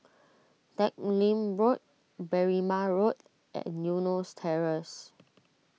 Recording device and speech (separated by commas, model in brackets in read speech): mobile phone (iPhone 6), read sentence